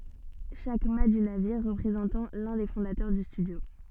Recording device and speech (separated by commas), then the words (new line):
soft in-ear microphone, read sentence
Chaque mat du navire représentant l'un des fondateurs du studio.